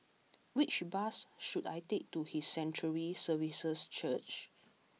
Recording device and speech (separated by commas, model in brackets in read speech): mobile phone (iPhone 6), read sentence